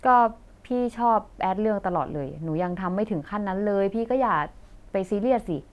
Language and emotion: Thai, frustrated